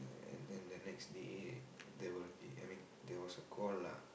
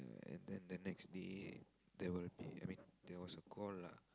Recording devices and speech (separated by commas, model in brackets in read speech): boundary microphone, close-talking microphone, conversation in the same room